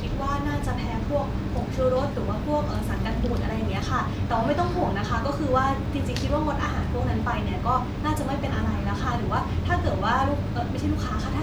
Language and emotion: Thai, neutral